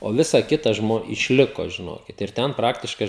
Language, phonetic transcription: Lithuanian, o ˈvisa ˈkita ˈžmo išˈliko žiˈnokit ir ˈten ˈpraktiškai

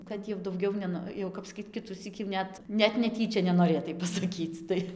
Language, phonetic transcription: Lithuanian, kad jau dauˈgiau neˈno jau ˈkap saˈkyt ˈkitusyk jau ˈnet net neˈtyčia nenoˈrėtai pasaˈkyc ˈtai

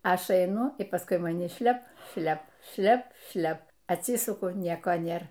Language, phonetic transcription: Lithuanian, ˈaš aiˈnu y ˈpaskui maˈni ˈšlep ˈšlep ˈšlep ˈšlep atˈsisuku ˈnieko ˈnėr

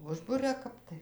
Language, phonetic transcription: Lithuanian, ˈužburia ˈkap tai

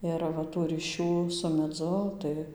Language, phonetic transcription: Lithuanian, ˈir va ˈtų ryˈšių su meˈdzu tai

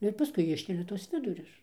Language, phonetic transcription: Lithuanian, ˈnu ir paˈskui ˈiškelia tuos ˈvidurius

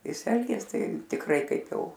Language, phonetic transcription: Lithuanian, ˈjis ˈelgės ˈtai tikˈrai ˈkaip ˈjau

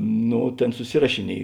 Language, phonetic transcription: Lithuanian, ˈno ˈtėn suˈsirašiˌniej

